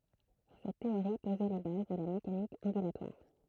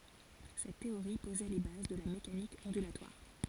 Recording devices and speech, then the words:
throat microphone, forehead accelerometer, read sentence
Cette théorie posait les bases de la mécanique ondulatoire.

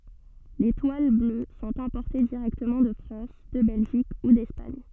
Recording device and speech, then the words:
soft in-ear microphone, read sentence
Les toiles bleues sont importées directement de France, de Belgique ou d'Espagne.

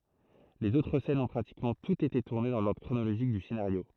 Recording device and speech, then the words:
throat microphone, read sentence
Les autres scènes ont pratiquement toutes été tournées dans l'ordre chronologique du scénario.

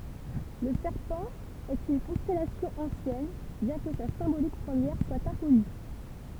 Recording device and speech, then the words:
temple vibration pickup, read sentence
Le Serpent est une constellation ancienne, bien que sa symbolique première soit inconnue.

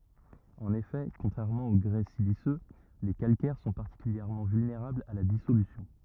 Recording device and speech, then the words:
rigid in-ear microphone, read sentence
En effet, contrairement au grès siliceux, les calcaires sont particulièrement vulnérables à la dissolution.

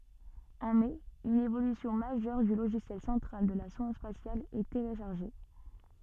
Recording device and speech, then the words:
soft in-ear microphone, read sentence
En mai une évolution majeure du logiciel central de la sonde spatiale est téléchargée.

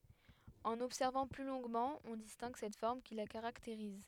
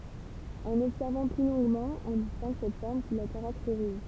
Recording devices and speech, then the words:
headset microphone, temple vibration pickup, read sentence
En observant plus longuement, on distingue cette forme qui la caractérise.

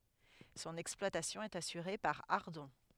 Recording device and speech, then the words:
headset microphone, read sentence
Son exploitation est assurée par Ardon.

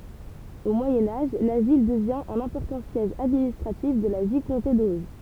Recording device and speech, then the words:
temple vibration pickup, read sentence
Au Moyen Âge, la ville devient un important siège administratif de la vicomté d’Auge.

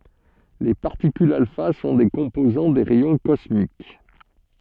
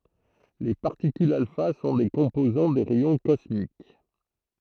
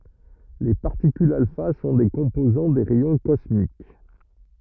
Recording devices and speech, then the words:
soft in-ear microphone, throat microphone, rigid in-ear microphone, read sentence
Les particules alpha sont des composants des rayons cosmiques.

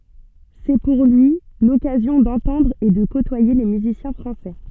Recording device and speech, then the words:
soft in-ear microphone, read sentence
C'est pour lui l'occasion d'entendre et de côtoyer les musiciens français.

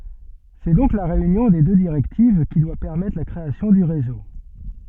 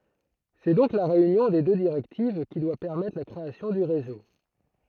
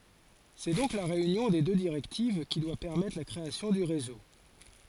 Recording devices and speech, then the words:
soft in-ear microphone, throat microphone, forehead accelerometer, read sentence
C'est donc la réunion des deux directives qui doit permettre la création du réseau.

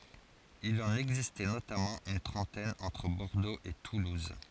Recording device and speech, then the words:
forehead accelerometer, read sentence
Il en existait notamment une trentaine entre Bordeaux et toulouse.

